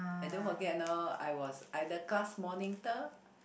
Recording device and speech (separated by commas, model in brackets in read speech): boundary microphone, conversation in the same room